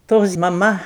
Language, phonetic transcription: Lithuanian, ˈtos maˈma

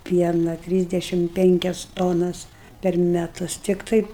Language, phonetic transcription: Lithuanian, ˈpiena ˈtrysdešim ˈpenkias tonas per meˈtus ˈtiktai

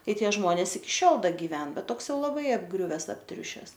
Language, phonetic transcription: Lithuanian, ˈtai ˈtie ˈžmones iki ˈšiol ˈda giˈven ˈbet ˈtoks ˈjau laˈbai apˈgriuves apˈtriušes

